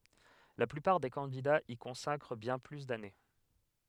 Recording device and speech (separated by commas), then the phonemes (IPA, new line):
headset microphone, read sentence
la plypaʁ de kɑ̃didaz i kɔ̃sakʁ bjɛ̃ ply dane